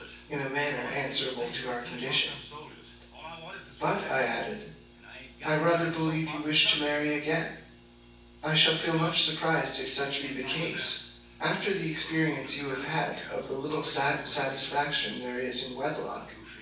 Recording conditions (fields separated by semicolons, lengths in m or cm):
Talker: one person; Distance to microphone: 9.8 m; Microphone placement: far; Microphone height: 1.8 m; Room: large; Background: television